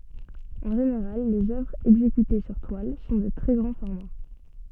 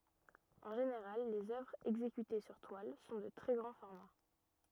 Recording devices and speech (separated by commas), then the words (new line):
soft in-ear microphone, rigid in-ear microphone, read sentence
En général, les œuvres exécutées sur toile sont de très grand format.